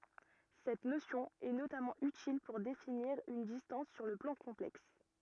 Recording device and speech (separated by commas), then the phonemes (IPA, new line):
rigid in-ear microphone, read sentence
sɛt nosjɔ̃ ɛ notamɑ̃ ytil puʁ definiʁ yn distɑ̃s syʁ lə plɑ̃ kɔ̃plɛks